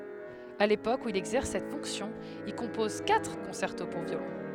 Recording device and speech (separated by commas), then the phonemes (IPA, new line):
headset microphone, read sentence
a lepok u il ɛɡzɛʁs sɛt fɔ̃ksjɔ̃ il kɔ̃pɔz katʁ kɔ̃sɛʁto puʁ vjolɔ̃